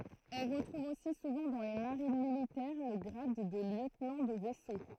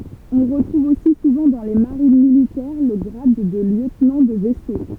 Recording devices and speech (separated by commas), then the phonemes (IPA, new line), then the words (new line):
throat microphone, temple vibration pickup, read sentence
ɔ̃ ʁətʁuv osi suvɑ̃ dɑ̃ le maʁin militɛʁ lə ɡʁad də ljøtnɑ̃ də vɛso
On retrouve aussi souvent dans les marines militaires le grade de lieutenant de vaisseau.